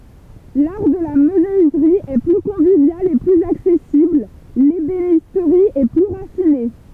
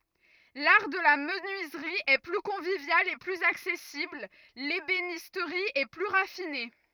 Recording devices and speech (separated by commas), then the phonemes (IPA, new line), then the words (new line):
temple vibration pickup, rigid in-ear microphone, read sentence
laʁ də la mənyizʁi ɛ ply kɔ̃vivjal e plyz aksɛsibl lebenistʁi ɛ ply ʁafine
L'art de la menuiserie est plus convivial et plus accessible, l'ébénisterie est plus raffinée.